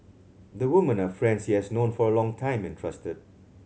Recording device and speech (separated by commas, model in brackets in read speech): mobile phone (Samsung C7100), read sentence